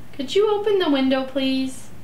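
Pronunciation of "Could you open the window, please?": The request 'Could you open the window, please?' is said with a rising intonation.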